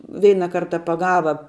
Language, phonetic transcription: Lithuanian, ˈveina ˈkarta paˈgava

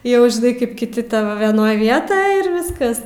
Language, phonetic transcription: Lithuanian, jau žiˈnai kaip kiˈti ˈtavo veˈnoj ˈvietoj ir ˈviskas

